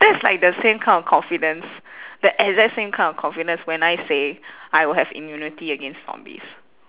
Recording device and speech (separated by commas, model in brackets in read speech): telephone, conversation in separate rooms